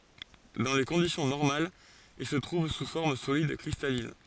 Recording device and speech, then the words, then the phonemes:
forehead accelerometer, read sentence
Dans les conditions normales, il se trouve sous forme solide cristalline.
dɑ̃ le kɔ̃disjɔ̃ nɔʁmalz il sə tʁuv su fɔʁm solid kʁistalin

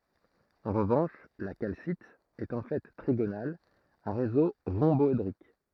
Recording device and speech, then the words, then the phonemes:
throat microphone, read sentence
En revanche, la calcite est en fait trigonale à réseau rhomboédrique.
ɑ̃ ʁəvɑ̃ʃ la kalsit ɛt ɑ̃ fɛ tʁiɡonal a ʁezo ʁɔ̃bɔedʁik

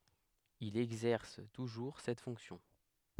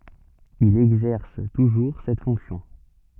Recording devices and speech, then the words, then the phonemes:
headset microphone, soft in-ear microphone, read sentence
Il exerce toujours cette fonction.
il ɛɡzɛʁs tuʒuʁ sɛt fɔ̃ksjɔ̃

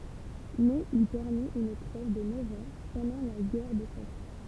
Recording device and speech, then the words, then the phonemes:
temple vibration pickup, read sentence
Mais il permit une trêve de neuf ans pendant la guerre de Cent Ans.
mɛz il pɛʁmit yn tʁɛv də nœv ɑ̃ pɑ̃dɑ̃ la ɡɛʁ də sɑ̃ ɑ̃

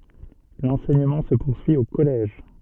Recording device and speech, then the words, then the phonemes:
soft in-ear microphone, read sentence
L'enseignement se poursuit au collège.
lɑ̃sɛɲəmɑ̃ sə puʁsyi o kɔlɛʒ

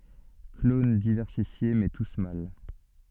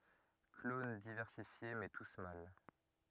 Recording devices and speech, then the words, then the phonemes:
soft in-ear microphone, rigid in-ear microphone, read sentence
Clones diversifiés, mais tous mâles.
klon divɛʁsifje mɛ tus mal

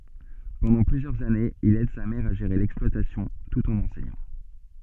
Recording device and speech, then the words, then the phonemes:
soft in-ear microphone, read sentence
Pendant plusieurs années, il aide sa mère à gérer l'exploitation, tout en enseignant.
pɑ̃dɑ̃ plyzjœʁz anez il ɛd sa mɛʁ a ʒeʁe lɛksplwatasjɔ̃ tut ɑ̃n ɑ̃sɛɲɑ̃

